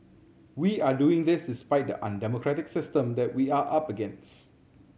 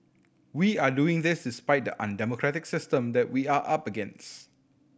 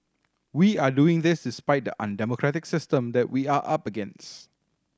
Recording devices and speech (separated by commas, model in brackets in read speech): mobile phone (Samsung C7100), boundary microphone (BM630), standing microphone (AKG C214), read sentence